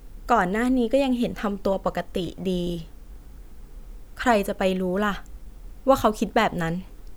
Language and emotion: Thai, neutral